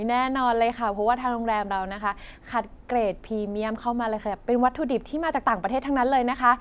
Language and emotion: Thai, happy